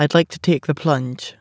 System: none